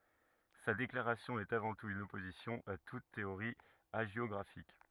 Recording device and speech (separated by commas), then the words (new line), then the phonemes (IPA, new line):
rigid in-ear microphone, read sentence
Sa déclaration est avant tout une opposition à toute théorie hagiographique.
sa deklaʁasjɔ̃ ɛt avɑ̃ tut yn ɔpozisjɔ̃ a tut teoʁi aʒjɔɡʁafik